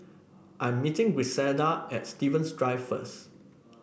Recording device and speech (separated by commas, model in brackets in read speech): boundary microphone (BM630), read sentence